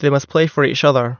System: none